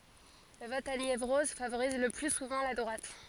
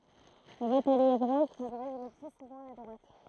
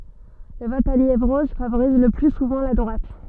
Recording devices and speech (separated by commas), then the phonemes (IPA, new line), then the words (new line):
forehead accelerometer, throat microphone, soft in-ear microphone, read sentence
lə vɔt a njevʁɔz favoʁiz lə ply suvɑ̃ la dʁwat
Le vote à Niévroz favorise le plus souvent la droite.